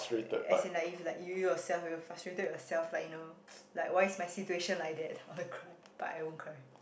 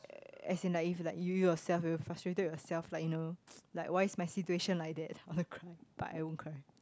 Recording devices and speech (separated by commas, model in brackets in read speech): boundary microphone, close-talking microphone, conversation in the same room